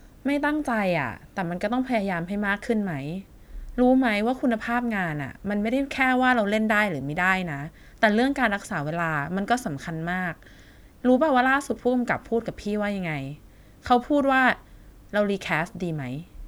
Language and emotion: Thai, frustrated